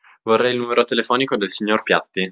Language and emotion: Italian, neutral